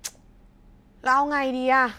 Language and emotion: Thai, frustrated